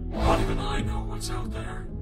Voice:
spooky voice